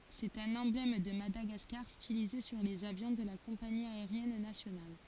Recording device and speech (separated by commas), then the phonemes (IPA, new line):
forehead accelerometer, read sentence
sɛt œ̃n ɑ̃blɛm də madaɡaskaʁ stilize syʁ lez avjɔ̃ də la kɔ̃pani aeʁjɛn nasjonal